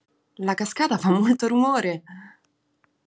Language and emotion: Italian, happy